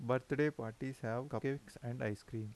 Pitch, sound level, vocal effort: 125 Hz, 82 dB SPL, soft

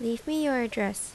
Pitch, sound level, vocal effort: 230 Hz, 79 dB SPL, normal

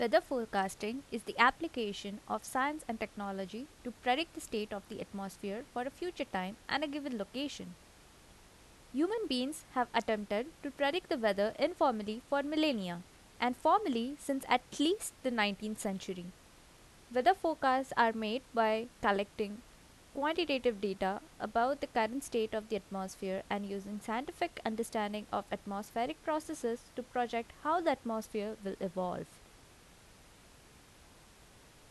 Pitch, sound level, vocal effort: 235 Hz, 81 dB SPL, normal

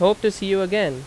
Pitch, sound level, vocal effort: 195 Hz, 91 dB SPL, very loud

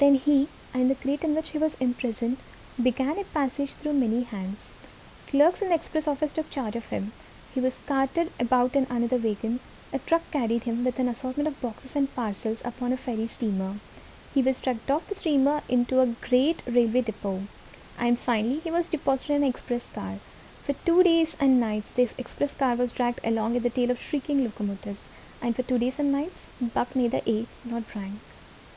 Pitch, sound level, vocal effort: 255 Hz, 73 dB SPL, soft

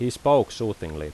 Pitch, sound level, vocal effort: 110 Hz, 87 dB SPL, loud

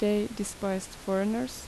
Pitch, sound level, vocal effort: 210 Hz, 80 dB SPL, normal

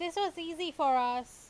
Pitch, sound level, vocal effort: 335 Hz, 94 dB SPL, very loud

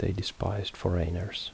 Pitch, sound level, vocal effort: 95 Hz, 68 dB SPL, soft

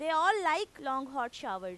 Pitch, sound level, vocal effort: 265 Hz, 98 dB SPL, very loud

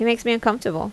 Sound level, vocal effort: 80 dB SPL, normal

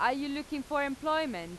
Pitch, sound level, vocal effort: 285 Hz, 93 dB SPL, very loud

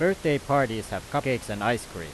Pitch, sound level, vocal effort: 120 Hz, 93 dB SPL, very loud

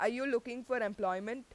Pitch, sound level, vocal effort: 235 Hz, 92 dB SPL, very loud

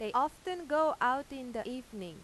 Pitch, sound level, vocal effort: 255 Hz, 94 dB SPL, loud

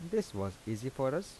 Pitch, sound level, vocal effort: 130 Hz, 82 dB SPL, soft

